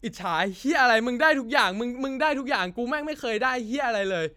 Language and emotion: Thai, angry